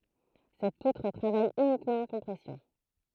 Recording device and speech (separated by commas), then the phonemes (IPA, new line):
throat microphone, read sentence
sɛt putʁ tʁavaj ynikmɑ̃ ɑ̃ kɔ̃pʁɛsjɔ̃